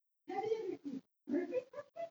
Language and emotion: English, surprised